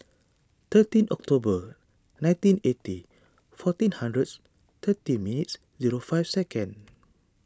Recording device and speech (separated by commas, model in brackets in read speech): standing microphone (AKG C214), read sentence